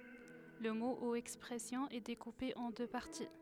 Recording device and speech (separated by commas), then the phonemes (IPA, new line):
headset microphone, read sentence
lə mo u ɛkspʁɛsjɔ̃ ɛ dekupe ɑ̃ dø paʁti